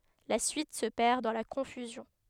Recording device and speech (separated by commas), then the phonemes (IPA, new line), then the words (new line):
headset microphone, read sentence
la syit sə pɛʁ dɑ̃ la kɔ̃fyzjɔ̃
La suite se perd dans la confusion.